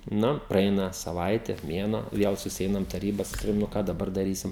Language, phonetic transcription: Lithuanian, ˈnu praˈeina saˈvaite ˈmėnuo ˈviel susiˈeinam taˈryba saˈkau nu ˈką daˈbar daˈrysim

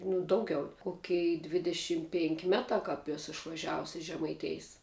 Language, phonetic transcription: Lithuanian, nu ˈdaugiau ˈkokei dvideˈšim penk' ˈmetā kāp ˈesu išvaˈžiavus iš žemaiˈtėjs

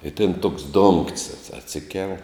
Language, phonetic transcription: Lithuanian, i tin toks dongt's' atsi atˈsikel

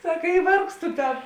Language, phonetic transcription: Lithuanian, ˈsaka i ˈvargstu ˈten

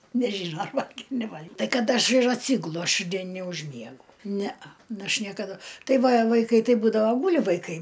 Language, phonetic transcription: Lithuanian, neˈžyno ar ˈvalgėm neˈval'g' ˈtai ˈkad ˈaš ir atˈsygulu aš ˈdien neužˈmiegu ˈnea ˈnu ˈaš niekaˈdu ˈtai ˈva vaiˈkai ˈtai ˈbūdavo ˈgūli vaiˈkai

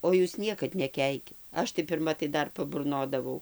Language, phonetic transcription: Lithuanian, o ˈjūs ˈniekad neˈkeikit ˈaš tai pirˈma tai ˈdar paburˈnodavau

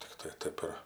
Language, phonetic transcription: Lithuanian, tikˈtai ˈtaip ir

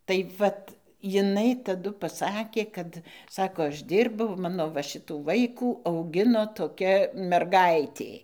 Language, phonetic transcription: Lithuanian, tai ˈvat jiˈnai taˈdu paˈsakė ˈkad ˈsako ˈaš ˈdyrbau ˈmano va ˈšitų ˈvaikų auˈgino toˈkia merˈgaitė

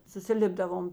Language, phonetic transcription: Lithuanian, susiˈlipdavom

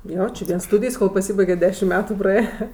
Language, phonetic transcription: Lithuanian, ˈjo či ˈvienˈstūdijs kol paˈsybaiget' ˈdešim ˈmetu praˈėja

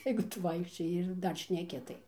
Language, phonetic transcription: Lithuanian, jeigu ˈtu ˈvaikščioji ir ˈdar šneˈki tai

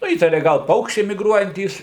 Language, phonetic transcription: Lithuanian, ˈnu ˈįtaria ˈgal ˈpaukščiai migˈruojantys

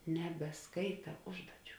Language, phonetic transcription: Lithuanian, nebeˈskaita ˈužduoˌčių

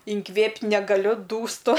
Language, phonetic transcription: Lithuanian, inˈkvėpt' negaˈliu dūsˈtu

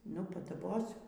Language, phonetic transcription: Lithuanian, ˈnu padaˈbosiu

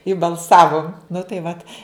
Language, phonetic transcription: Lithuanian, i balˈsavum nu tai vat

